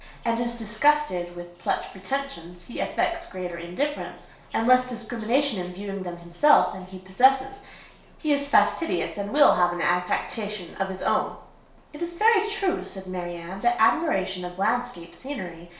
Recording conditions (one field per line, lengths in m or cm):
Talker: one person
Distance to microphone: 1.0 m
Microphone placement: close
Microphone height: 1.1 m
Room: small (3.7 m by 2.7 m)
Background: television